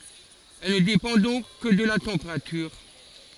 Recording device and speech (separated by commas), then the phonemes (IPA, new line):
forehead accelerometer, read sentence
ɛl nə depɑ̃ dɔ̃k kə də la tɑ̃peʁatyʁ